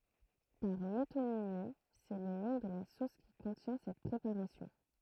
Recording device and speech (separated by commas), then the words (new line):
throat microphone, read sentence
Par métonymie, c'est le nom de la sauce qui contient cette préparation.